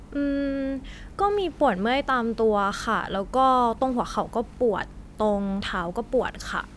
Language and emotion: Thai, neutral